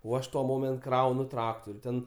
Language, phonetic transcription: Lithuanian, o ˈaš tuo ˈmoment ˈkraunu ˈtraktur' ten

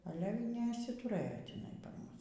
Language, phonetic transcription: Lithuanian, ˈale y neišsituˈrɘjo tiˈnai par ˈmus

